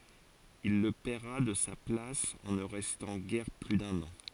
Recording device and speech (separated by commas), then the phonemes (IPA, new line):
forehead accelerometer, read sentence
il lə pɛʁa də sa plas ɑ̃ nə ʁɛstɑ̃ ɡɛʁ ply dœ̃n ɑ̃